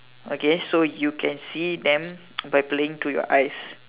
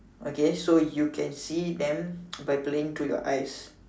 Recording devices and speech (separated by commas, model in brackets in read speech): telephone, standing microphone, conversation in separate rooms